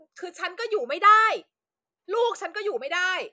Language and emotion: Thai, angry